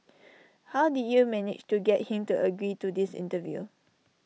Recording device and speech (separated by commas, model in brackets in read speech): mobile phone (iPhone 6), read sentence